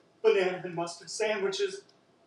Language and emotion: English, fearful